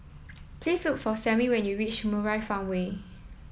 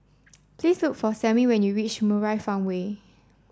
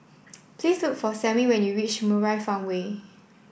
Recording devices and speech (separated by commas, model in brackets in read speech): mobile phone (iPhone 7), standing microphone (AKG C214), boundary microphone (BM630), read sentence